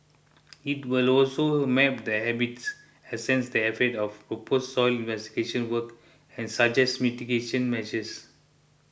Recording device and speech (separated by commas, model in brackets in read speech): boundary microphone (BM630), read sentence